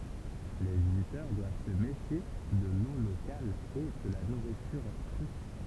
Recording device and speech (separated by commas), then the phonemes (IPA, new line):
temple vibration pickup, read sentence
le vizitœʁ dwav sə mefje də lo lokal e də la nuʁityʁ kʁy